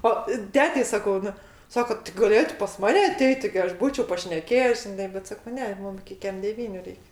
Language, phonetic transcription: Lithuanian, ˈo ˈtetei saˈkau ˈnu ˈsako ti gaˈlėtu pas ˈmane aˈteit' tigi ˈaš ˈbūčiau pašneˈkėjes žiˈnai bet ˈsako ˈne ˈmum iki ˈkem deˈvyniu ˈreik'

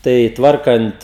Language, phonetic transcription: Lithuanian, ˈtai ˈtvarkant

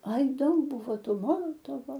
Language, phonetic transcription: Lithuanian, ai ˈdaug ˈbūvo ˈtų ˈmolotovo

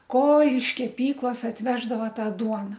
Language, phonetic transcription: Lithuanian, ko iš keˈpyklas atˈveždava ˈtą ˈduona

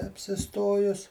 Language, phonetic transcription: Lithuanian, apsiˈstojus

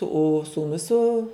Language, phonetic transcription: Lithuanian, o sūˈnus su

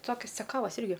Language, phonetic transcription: Lithuanian, ˈtokis ceˈkavas ˈirgi

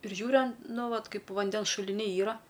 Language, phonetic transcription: Lithuanian, ir ˈžiūriu an ˈnu ˈvat ˈkaip ˈvandens šuliˈniai ˈyra

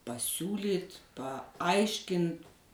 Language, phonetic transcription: Lithuanian, pasˈiūlyt paˈaiškint

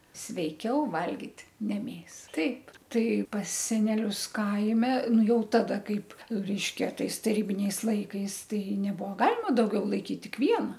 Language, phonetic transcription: Lithuanian, sveiˈkiau ˈvalgit' ne ˈmėsa ˈtaip ˈtai pas seneˈlius ˈkaime ˈnu ˈjau ˈtada ˈkaip ˈreiškia ˈtais taˈrybiniais ˈlaikais ˈtai nebuo ˈgalima dauˈgiau laiˈkyt ˈtik ˈviena

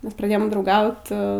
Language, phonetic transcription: Lithuanian, ˈmes praˈdėjom drauˈgaut

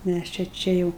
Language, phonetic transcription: Lithuanian, ˈmæs čia ˈčia jau

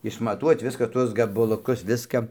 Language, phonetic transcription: Lithuanian, išmaˈtuot ˈviska ˈtuos gabaluˈkus ˈviska

